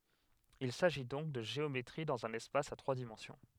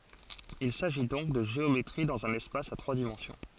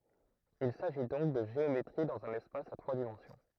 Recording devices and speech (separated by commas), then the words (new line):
headset microphone, forehead accelerometer, throat microphone, read sentence
Il s'agit donc de géométrie dans un espace à trois dimensions.